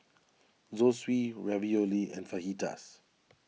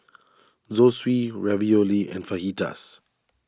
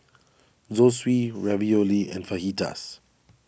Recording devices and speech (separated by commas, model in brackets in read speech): mobile phone (iPhone 6), standing microphone (AKG C214), boundary microphone (BM630), read sentence